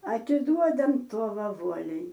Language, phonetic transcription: Lithuanian, atiˈduodam ˈtuova ˈvuoliai

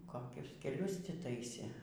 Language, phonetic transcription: Lithuanian, koˈkius keˈlius ti ˈtaisė

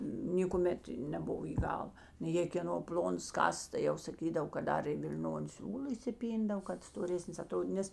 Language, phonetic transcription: Lithuanian, nėkuˈmet neˈbuvo į ˈgal nu jė kėˈno ˈpl'onas ˈkasas tai ˈjau saˈkydav kad ˈdar i vil'ˈnoni ˈsiūla įsiˈpyndav kad stoˈresnis aˈtrodyt ˈnes

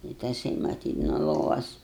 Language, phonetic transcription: Lithuanian, i taˈsai maˈtyt nuo ˈlovas

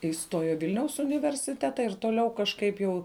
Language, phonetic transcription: Lithuanian, iˈstojo i ˈvilniaus universiˈteta ir toˈliau kažˈkaip jau

